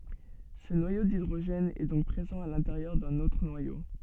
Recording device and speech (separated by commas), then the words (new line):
soft in-ear microphone, read sentence
Ce noyau d'hydrogène est donc présent à l'intérieur d'un autre noyau.